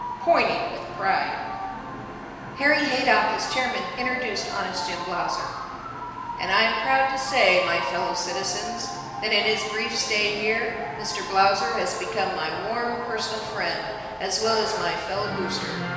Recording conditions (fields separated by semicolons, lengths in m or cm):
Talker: one person; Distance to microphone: 1.7 m; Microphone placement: close; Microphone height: 1.0 m; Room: very reverberant, large; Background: television